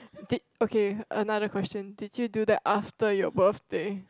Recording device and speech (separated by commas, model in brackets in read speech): close-talking microphone, conversation in the same room